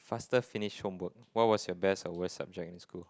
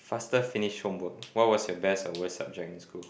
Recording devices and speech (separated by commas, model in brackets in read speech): close-talking microphone, boundary microphone, conversation in the same room